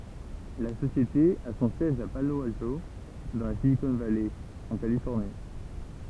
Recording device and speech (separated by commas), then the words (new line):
temple vibration pickup, read sentence
La société a son siège à Palo Alto dans la Silicon Valley, en Californie.